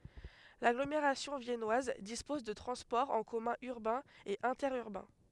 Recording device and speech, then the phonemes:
headset microphone, read sentence
laɡlomeʁasjɔ̃ vjɛnwaz dispɔz də tʁɑ̃spɔʁz ɑ̃ kɔmœ̃ yʁbɛ̃z e ɛ̃tɛʁyʁbɛ̃

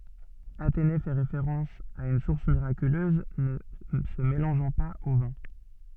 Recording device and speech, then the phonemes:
soft in-ear microphone, read sentence
atene fɛ ʁefeʁɑ̃s a yn suʁs miʁakyløz nə sə melɑ̃ʒɑ̃ paz o vɛ̃

